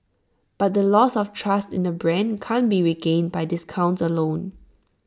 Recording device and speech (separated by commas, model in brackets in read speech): standing microphone (AKG C214), read sentence